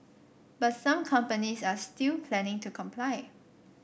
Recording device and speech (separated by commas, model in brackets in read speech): boundary microphone (BM630), read sentence